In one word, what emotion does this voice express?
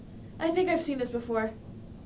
neutral